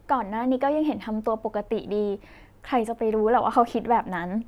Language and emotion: Thai, neutral